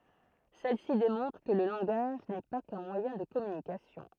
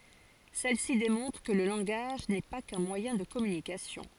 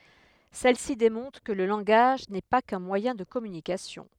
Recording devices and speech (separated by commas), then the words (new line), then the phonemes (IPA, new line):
throat microphone, forehead accelerometer, headset microphone, read sentence
Celle-ci démontre que le langage n'est pas qu'un moyen de communication.
sɛl si demɔ̃tʁ kə lə lɑ̃ɡaʒ nɛ pa kœ̃ mwajɛ̃ də kɔmynikasjɔ̃